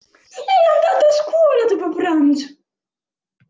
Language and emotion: Italian, fearful